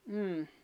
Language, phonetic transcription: Finnish, 'm̥m̥ .
- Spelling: mm

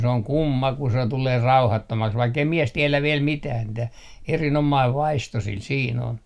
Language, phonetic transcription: Finnish, se oŋ "kumma ku se tulee "rauhattomaks 'vaikkei 'mies 'tiɛlä 'viɛl 'mitää mⁱtä , 'erin₍omaiv "vaisto 'sil siin ‿on .
- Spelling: se on kumma kun se tulee rauhattomaksi vaikka ei mies tiedä vielä mitään mitä erinomainen vaisto sillä siinä on

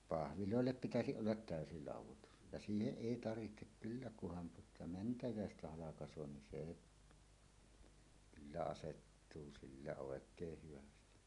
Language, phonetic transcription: Finnish, 'pahvilòellep pitäsiˀ ˀollat 'tä̀ösi 'làuw̆wotus , ja "siiheˀ "ˀèi 'tarvihtek "kyllä kuhan tuota "mäntäjä̀estä 'halakas̀oo nin 'sè , kyllä asettuu sillä 'òek̀eeh hyvästi .
- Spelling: pahveilla pitäisi olla täysi laudoitus ja siihen ei tarvitse kyllä kunhan tuota mänty halkaisee niin se kyllä asettuu sillä oikein hyvin

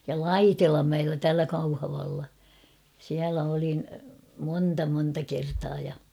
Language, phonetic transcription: Finnish, ja "Laitilammäellä 'täälä Kauhavalla , 'siälä olin , 'monnta monta 'kertaa ja .
- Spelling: ja Laitilanmäellä täällä Kauhavalla siellä olin monta monta kertaa ja

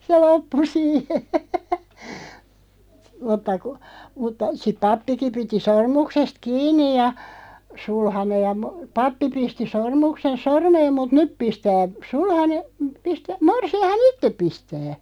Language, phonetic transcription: Finnish, 'se "loppu 'siihe , mutta ku , mutta , siᵖ "pappiki 'piti 'sormuksest "kiiǹij ja , 'sulhaneʲ ja mo- , "pappi 'pisti 'sormuksen "sormeem 'mut "nyp 'pistää , "sulhane , pistä- , 'morsi₍aha"n ‿itteᵖ 'pistä .
- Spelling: se loppui siihen mutta kun mutta sitten pappikin piti sormuksesta kiinni ja sulhanen ja - pappi pisti sormuksen sormeen mutta nyt pistää sulhanen - morsianhan itse pistää

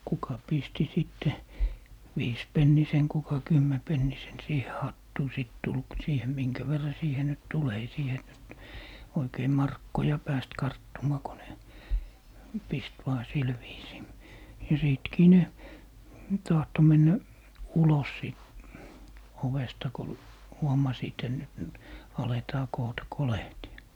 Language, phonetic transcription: Finnish, 'kuka pisti 'sìtte , "viispennisen kuka "kymmɛpennisen 'siihe "hattuu 'sìt tul k- , 'siihe "miŋkä verra siihe nyt 'tul , 'ei siihe nyt , 'oikei "markkoja 'pääst "karttumaa ko ne , 'pist vaa 'sil viisii , ja 'sìtkii 'ne , 'tahto 'mennä , "ulos sìt , 'ovesta ko , 'huomasiit ‿et nyt nyt , 'aletaa 'koota "kolehti₍a .
- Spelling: kuka pisti sitten viisipennisen kuka kymmenpennisen siihen hattuun sitten tuli - siihen minkä verran siihen nyt tuli ei siihen nyt oikein markkoja päässyt karttumaan kun ne pisti vain sillä viisiin ja sittenkin ne tahtoi mennä ulos siitä ovesta kun huomasivat että nyt nyt aletaan koota kolehtia

